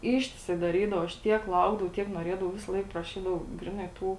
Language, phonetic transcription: Lithuanian, ˈištiˌsai daˈrydava aš ˈtiek ˈlaukdavau tiek nuoˈrėdavau ˈvisaˈlaik praˈšydavau ˈgriˌnai ˈtų

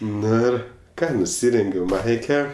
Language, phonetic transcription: Lithuanian, ˈnu ir ˈką nuˈsirengiau ˈmaike

